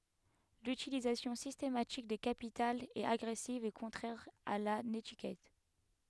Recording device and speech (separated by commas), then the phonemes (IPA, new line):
headset microphone, read sentence
lytilizasjɔ̃ sistematik de kapitalz ɛt aɡʁɛsiv e kɔ̃tʁɛʁ a la netikɛt